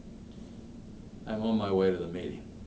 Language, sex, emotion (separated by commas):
English, male, neutral